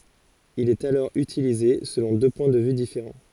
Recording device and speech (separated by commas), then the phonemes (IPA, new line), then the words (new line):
forehead accelerometer, read sentence
il ɛt alɔʁ ytilize səlɔ̃ dø pwɛ̃ də vy difeʁɑ̃
Il est alors utilisé selon deux points de vue différents.